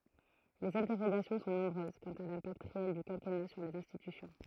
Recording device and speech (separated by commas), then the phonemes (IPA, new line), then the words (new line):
throat microphone, read sentence
lez ɛ̃tɛʁoɡasjɔ̃ sɔ̃ nɔ̃bʁøz kɑ̃t a lɛ̃pakt ʁeɛl dy kɛ̃kɛna syʁ lez ɛ̃stitysjɔ̃
Les interrogations sont nombreuses quant à l'impact réel du quinquennat sur les institutions.